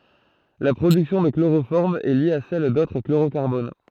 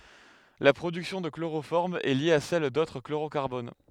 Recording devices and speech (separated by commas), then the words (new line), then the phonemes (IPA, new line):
throat microphone, headset microphone, read sentence
La production de chloroforme est liée à celle d'autres chlorocarbones.
la pʁodyksjɔ̃ də kloʁofɔʁm ɛ lje a sɛl dotʁ kloʁokaʁbon